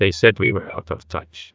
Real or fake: fake